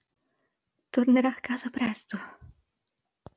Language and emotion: Italian, fearful